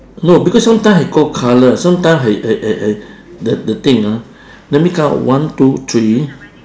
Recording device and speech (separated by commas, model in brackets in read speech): standing microphone, conversation in separate rooms